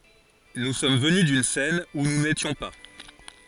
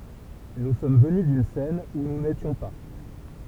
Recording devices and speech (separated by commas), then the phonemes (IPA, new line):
forehead accelerometer, temple vibration pickup, read sentence
nu sɔm vəny dyn sɛn u nu netjɔ̃ pa